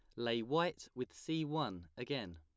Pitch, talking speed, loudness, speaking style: 125 Hz, 165 wpm, -40 LUFS, plain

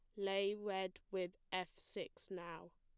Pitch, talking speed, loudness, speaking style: 190 Hz, 140 wpm, -44 LUFS, plain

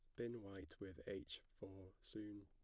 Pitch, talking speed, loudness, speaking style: 100 Hz, 160 wpm, -53 LUFS, plain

